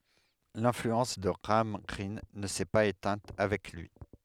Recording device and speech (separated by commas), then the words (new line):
headset microphone, read sentence
L'influence de Graham Greene ne s'est pas éteinte avec lui.